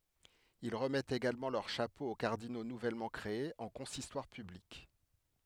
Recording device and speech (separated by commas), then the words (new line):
headset microphone, read sentence
Ils remettent également leur chapeau aux cardinaux nouvellement créés en consistoire public.